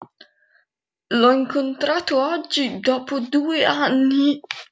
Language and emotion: Italian, fearful